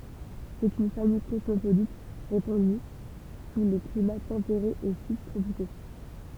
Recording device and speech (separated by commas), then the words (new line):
temple vibration pickup, read sentence
C'est une famille cosmopolite, répandue sous les climats tempérés et subtropicaux.